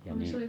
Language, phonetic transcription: Finnish, ja ni ,.
- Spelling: ja niin

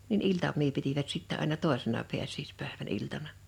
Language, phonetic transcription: Finnish, nin "iltam̆mii pitivät sittɛ àina "tòesena 'piäs̀iispä̀evän 'iltana .
- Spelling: niin iltamia pitivät sitten aina toisena pääsiäispäivän iltana

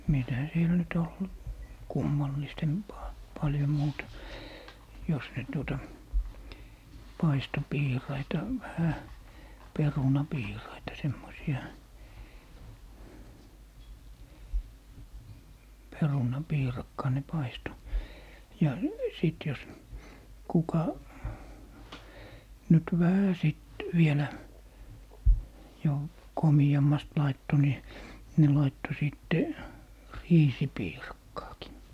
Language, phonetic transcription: Finnish, "mitä 'siel nyt ol , "kummallistempaa , 'paljom 'muuta , 'jos nyt tuota , 'paisto "piiraita , vähä , 'peruna'piiraita , 'semmosi₍a , 'peruna'piirakkaa ne "paisto , ja 'sìt jos , 'kuka , nyt "vähä 'sìt , 'vielä , jo , "komi₍ammast 'laitto ni , 'ne 'laitto 'sìtte , "riisi'piirakkaakin .
- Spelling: mitä siellä nyt oli kummallisempaa paljon muuta jos nyt tuota paistoi piiraita vähän perunapiiraita semmoisia perunapiirakkaa ne paistoi ja sitten jos kuka nyt vähän sitten vielä jo komeammasti laittoi niin ne laittoi sitten riisipiirakkaakin

